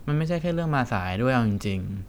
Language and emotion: Thai, frustrated